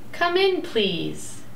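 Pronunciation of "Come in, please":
"Come in, please" is said as a request with a rising intonation.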